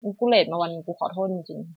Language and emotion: Thai, frustrated